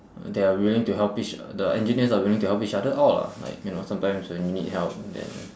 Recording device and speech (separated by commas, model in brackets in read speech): standing microphone, conversation in separate rooms